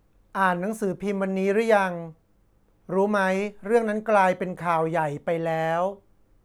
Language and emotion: Thai, frustrated